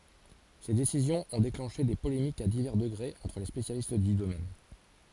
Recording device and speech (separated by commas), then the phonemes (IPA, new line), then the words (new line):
forehead accelerometer, read sentence
se desizjɔ̃z ɔ̃ deklɑ̃ʃe de polemikz a divɛʁ dəɡʁez ɑ̃tʁ le spesjalist dy domɛn
Ces décisions ont déclenché des polémiques à divers degrés entre les spécialistes du domaine.